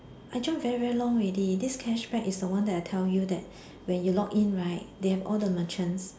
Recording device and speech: standing microphone, conversation in separate rooms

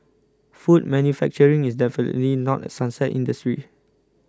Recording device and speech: close-talking microphone (WH20), read sentence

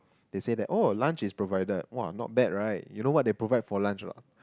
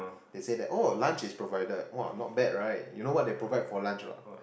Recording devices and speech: close-talking microphone, boundary microphone, conversation in the same room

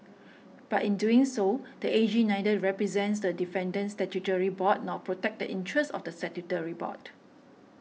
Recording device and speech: mobile phone (iPhone 6), read sentence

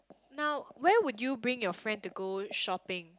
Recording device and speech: close-talking microphone, conversation in the same room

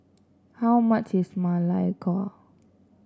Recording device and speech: standing microphone (AKG C214), read sentence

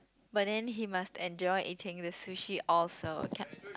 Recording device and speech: close-talking microphone, conversation in the same room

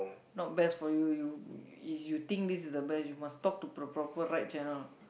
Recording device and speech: boundary microphone, conversation in the same room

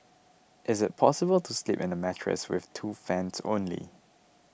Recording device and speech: boundary microphone (BM630), read sentence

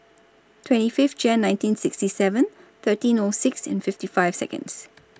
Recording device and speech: standing microphone (AKG C214), read sentence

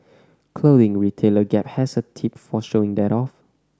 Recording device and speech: standing microphone (AKG C214), read sentence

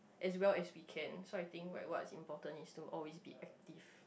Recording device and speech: boundary microphone, conversation in the same room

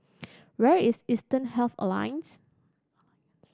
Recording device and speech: standing microphone (AKG C214), read sentence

